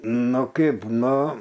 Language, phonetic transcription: Lithuanian, ˈnu ˈkaip ˈnu

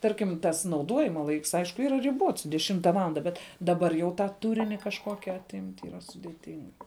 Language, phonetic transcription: Lithuanian, ˈtarkim tas nauˈduojima ˈlaiks ˈaišku ˈyra riˈbuots deˈšimta ˈvalanda ˈbet daˈbar jau ˈtą ˈturini kažˈkoki aˈtimt' yˈra sudėˈting

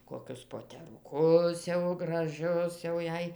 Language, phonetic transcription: Lithuanian, koˈkius poteruˈkus jau graˈžius jau ˈjei

